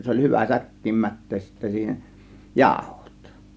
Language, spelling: Finnish, se oli hyvä säkkiin mättää sitten siihen jauhot
- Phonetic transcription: se oĺ 'hyvä 'säk̀kiim "mät̀tees sittä siihen , "jàȯhOt .

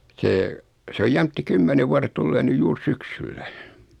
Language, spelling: Finnish, se se on jämtti kymmenen vuodet tulee nyt juuri syksyllä
- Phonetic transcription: 'see , 'se oj "jäm(p)ti 'kymmenev vuaret 'tullee nyj 'juur "syksyllä .

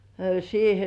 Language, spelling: Finnish, siihen
- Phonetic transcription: siihᴇ .

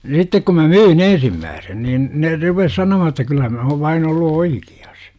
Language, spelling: Finnish, sitten kun minä myin ensimmäisen niin ne rupesi sanomaan että kyllä minä olen vain ollut oikeassa
- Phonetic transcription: 'sittek kum mä "myy"n ‿ensimmääsen nin , 'ne rupes "sanomahan että 'kylla mä ov 'vain ollu "oikI₍As .

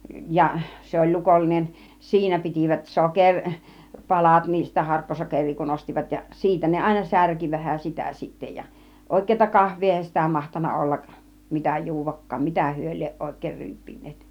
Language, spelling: Finnish, ja se oli lukollinen siinä pitivät - sokeripalat niin sitä harkkosokeria kun ostivat ja siitä ne aina särki vähän sitä sitten ja oikeata kahvia eihän sitä mahtanut olla mitä juodakaan mitä he lie oikein ryyppineet
- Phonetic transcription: 'ja , 'se oĺ 'lukollinen , "siinä pitivät 'soker- , 'palat nii sitä 'harkkosokeŕ̆§rii kun 'ostivat ja , 'siitä ne 'àina "särki vähän 'sitä sitte ja , 'òik̆keeta "kahv̆vii 'èihän sitä 'mahtanna 'ollak , 'mitä "ju̬uv̆vak̆kaan 'mitä hyö lieˀ 'ˀòik̀èir 'ryyppin̆neet .

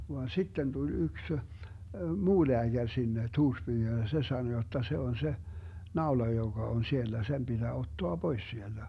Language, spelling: Finnish, vaan sitten tuli yksi muu lääkäri sinne Tuurspyyhyn ja se sanoi jotta se on se naula joka on siellä sen pitää ottaa pois sieltä
- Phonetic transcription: van 'sitten tul 'yks , "muu 'leäGär sinne , 'Tuurspyyhyn ja se 'sano jotta 'se on 'se , "naola joGa on 'siellä 'sem BiDää 'ottoa "Bois 'sielDä .

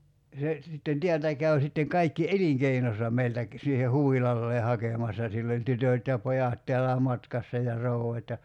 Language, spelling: Finnish, se sitten täältä kävi sitten kaikki elinkeinonsa meiltä - siihen huvilalleen hakemassa sillä oli tytöt ja pojat täälläkin matkassa ja rouvat ja
- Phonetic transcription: 'se , sitten 'tiältä 'käy̬ sitteŋ 'kaikki "eliŋkeinosa 'meiltä ‿k- , siihe "huvilallee 'hakèmassa sill ‿oĺ 'tytö̀t ja 'pojat teällää "matkassa ja 'rou₍at ja ,.

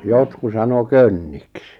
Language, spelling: Finnish, jotkut sanoi könniksi
- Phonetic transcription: 'jotku sano "könniks .

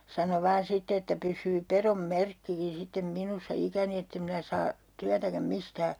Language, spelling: Finnish, sano vain sitten että pysyy pedon merkkikin sitten minussa ikäni että en minä saa työtäkään mistään
- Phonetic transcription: 'sano 'vaan 'sitte että 'pys̀yy 'perom "merkkikin sittem 'minussa 'ikäni ettem minä saa , 'tyätäkäm 'mistää .

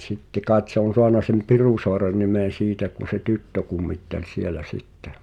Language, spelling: Finnish, sitten kai se on saanut sen Pirusaaren nimen siitä kun se tyttö kummitteli siellä sitten
- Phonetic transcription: 't̳sitte kàet se ‿on̬ 'soana sem "Pirùsoaren nimen̬ 'siitä kun se "tyttö 'kummittel 'sielä "sittᴇ .

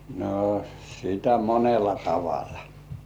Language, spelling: Finnish, no sitä monella tavalla
- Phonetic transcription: no , sitä "monela 'tavala .

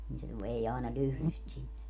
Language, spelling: Finnish, niin se se vei aina lyhdyn sitten sinne
- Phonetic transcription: nii se se 'vei àena 'lyhly sit 'sinne .

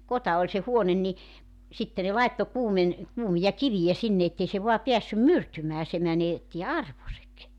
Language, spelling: Finnish, kota oli se huone niin sitten ne laittoi - kuumia kiviä sinne että ei se vain päässyt myrtymään se menetti arvonsa
- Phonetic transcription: 'kota oĺ se 'huonen ni , 'sitte ne 'laetto 'kuumen- , 'kuumija "kivijä 'sinne ettei se 'voa 'piässym "myrtymää se 'mänetti "arvosek .

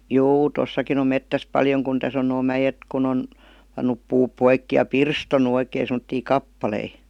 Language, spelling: Finnish, juu tuossakin on metsässä paljon kun tässä on nuo mäet kun on pannut puut poikki ja pirstonut oikein semmoisia kappaleita
- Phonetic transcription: juu "tossakin ‿om 'mettäs 'paljoŋ kun 'täs ‿on noo "mäjet ku'n ‿on , pannup 'puup 'poikki ja "pirstonu oikee sem°ttii "kappalei .

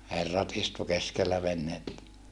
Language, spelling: Finnish, herrat istui keskellä venettä
- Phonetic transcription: herrat istu keskellä venhettä .

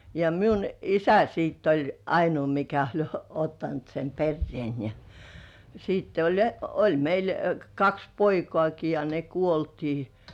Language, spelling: Finnish, ja minun isä sitten oli ainoa mikä oli ottanut sen perheen ja sitten oli ja oli meillä kaksi poikaakin ja ne kuoltiin
- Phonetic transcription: ja miun isä sitt ‿oĺ , 'ainuu mikä oĺ ottant sem "perrĭèn , ja , siitte oĺ (ja) , "oĺ meil , 'kaks "poikŏàki ja ne "kuoltii .

